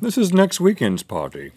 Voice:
fancy voice